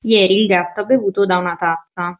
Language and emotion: Italian, neutral